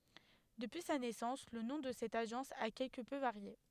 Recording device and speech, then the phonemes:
headset microphone, read sentence
dəpyi sa nɛsɑ̃s lə nɔ̃ də sɛt aʒɑ̃s a kɛlkə pø vaʁje

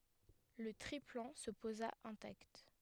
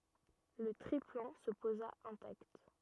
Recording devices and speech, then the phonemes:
headset microphone, rigid in-ear microphone, read sentence
lə tʁiplɑ̃ sə poza ɛ̃takt

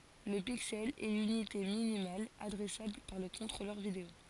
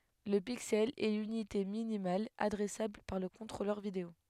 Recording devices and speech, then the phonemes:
forehead accelerometer, headset microphone, read sentence
lə piksɛl ɛ lynite minimal adʁɛsabl paʁ lə kɔ̃tʁolœʁ video

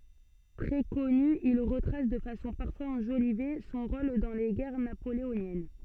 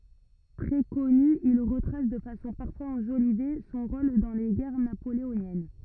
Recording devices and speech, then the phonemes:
soft in-ear microphone, rigid in-ear microphone, read sentence
tʁɛ kɔny il ʁətʁas də fasɔ̃ paʁfwaz ɑ̃ʒolive sɔ̃ ʁol dɑ̃ le ɡɛʁ napoleonjɛn

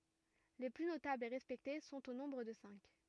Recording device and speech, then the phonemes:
rigid in-ear microphone, read sentence
le ply notablz e ʁɛspɛkte sɔ̃t o nɔ̃bʁ də sɛ̃k

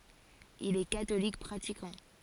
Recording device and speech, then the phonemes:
forehead accelerometer, read sentence
il ɛ katolik pʁatikɑ̃

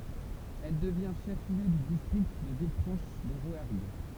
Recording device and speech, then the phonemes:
temple vibration pickup, read sentence
ɛl dəvjɛ̃ ʃɛf ljø dy distʁikt də vilfʁɑ̃ʃ də ʁwɛʁɡ

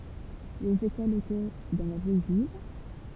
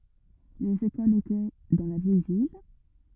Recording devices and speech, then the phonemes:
temple vibration pickup, rigid in-ear microphone, read sentence
lez ekolz etɛ dɑ̃ la vjɛj vil

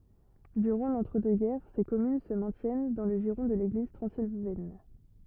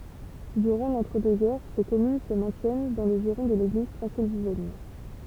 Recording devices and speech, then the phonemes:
rigid in-ear microphone, temple vibration pickup, read sentence
dyʁɑ̃ lɑ̃tʁədøksɡɛʁ se kɔmyn sə mɛ̃tjɛn dɑ̃ lə ʒiʁɔ̃ də leɡliz tʁɑ̃zilvɛn

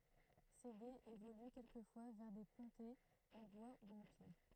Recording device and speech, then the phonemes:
throat microphone, read sentence
se ɡez evoly kɛlkəfwa vɛʁ de pɔ̃tɛz ɑ̃ bwa u ɑ̃ pjɛʁ

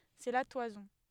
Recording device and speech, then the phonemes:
headset microphone, read sentence
sɛ la twazɔ̃

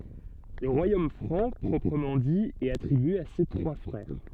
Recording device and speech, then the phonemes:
soft in-ear microphone, read sentence
lə ʁwajom fʁɑ̃ pʁɔpʁəmɑ̃ di ɛt atʁibye a se tʁwa fʁɛʁ

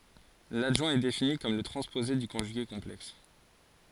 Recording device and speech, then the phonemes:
forehead accelerometer, read sentence
ladʒwɛ̃ ɛ defini kɔm lə tʁɑ̃spoze dy kɔ̃ʒyɡe kɔ̃plɛks

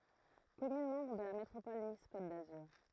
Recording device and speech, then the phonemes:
throat microphone, read sentence
kɔmyn mɑ̃bʁ də la metʁopɔl nis kot dazyʁ

